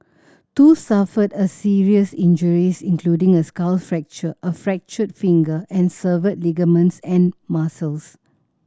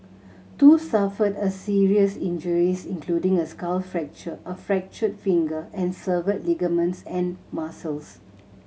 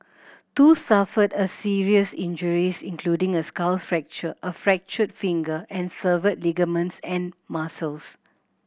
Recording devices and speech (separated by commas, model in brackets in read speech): standing microphone (AKG C214), mobile phone (Samsung C7100), boundary microphone (BM630), read sentence